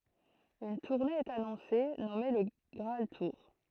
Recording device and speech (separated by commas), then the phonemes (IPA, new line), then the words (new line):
throat microphone, read sentence
yn tuʁne ɛt anɔ̃se nɔme lə ɡʁaal tuʁ
Une tournée est annoncée, nommée Le Graal Tour.